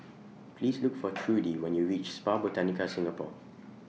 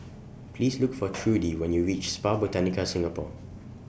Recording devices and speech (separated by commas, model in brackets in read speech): mobile phone (iPhone 6), boundary microphone (BM630), read sentence